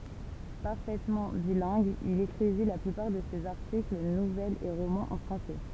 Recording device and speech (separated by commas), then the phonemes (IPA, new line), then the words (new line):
temple vibration pickup, read sentence
paʁfɛtmɑ̃ bilɛ̃ɡ il ekʁivi la plypaʁ də sez aʁtikl nuvɛlz e ʁomɑ̃z ɑ̃ fʁɑ̃sɛ
Parfaitement bilingue, il écrivit la plupart de ses articles, nouvelles et romans en français.